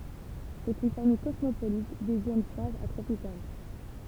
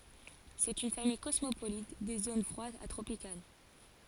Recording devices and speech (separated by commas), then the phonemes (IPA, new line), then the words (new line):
temple vibration pickup, forehead accelerometer, read sentence
sɛt yn famij kɔsmopolit de zon fʁwadz a tʁopikal
C'est une famille cosmopolite des zones froides à tropicales.